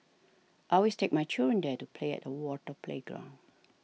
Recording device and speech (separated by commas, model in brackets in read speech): mobile phone (iPhone 6), read sentence